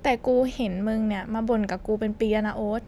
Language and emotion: Thai, frustrated